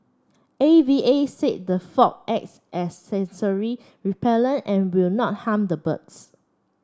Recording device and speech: standing microphone (AKG C214), read sentence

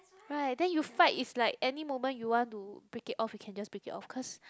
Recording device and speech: close-talking microphone, conversation in the same room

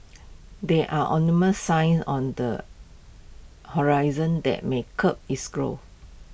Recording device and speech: boundary microphone (BM630), read sentence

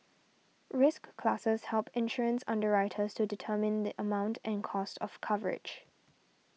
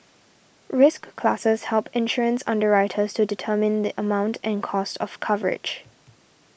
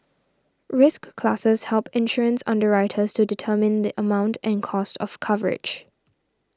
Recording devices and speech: mobile phone (iPhone 6), boundary microphone (BM630), standing microphone (AKG C214), read sentence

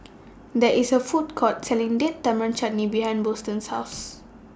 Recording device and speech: standing microphone (AKG C214), read sentence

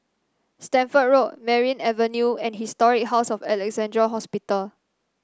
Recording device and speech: standing microphone (AKG C214), read sentence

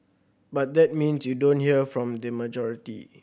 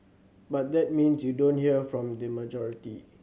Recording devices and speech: boundary microphone (BM630), mobile phone (Samsung C7100), read sentence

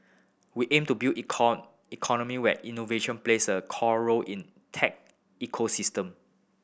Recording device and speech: boundary microphone (BM630), read sentence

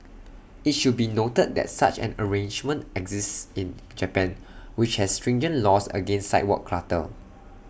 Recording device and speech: boundary microphone (BM630), read sentence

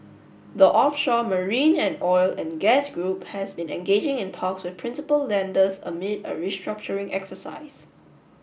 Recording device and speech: boundary microphone (BM630), read sentence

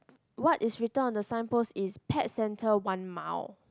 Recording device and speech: close-talking microphone, conversation in the same room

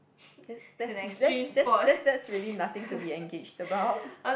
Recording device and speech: boundary microphone, conversation in the same room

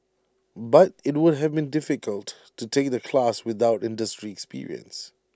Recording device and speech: standing microphone (AKG C214), read sentence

